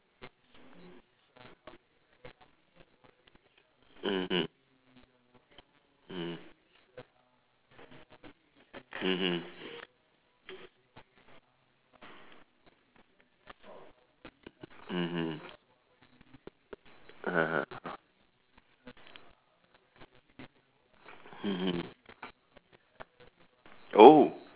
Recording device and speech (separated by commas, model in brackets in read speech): telephone, conversation in separate rooms